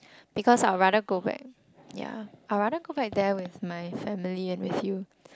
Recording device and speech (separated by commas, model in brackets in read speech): close-talking microphone, conversation in the same room